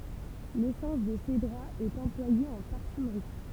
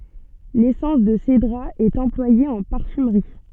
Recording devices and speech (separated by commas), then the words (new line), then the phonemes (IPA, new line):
temple vibration pickup, soft in-ear microphone, read sentence
L'essence de cédrat est employée en parfumerie.
lesɑ̃s də sedʁa ɛt ɑ̃plwaje ɑ̃ paʁfymʁi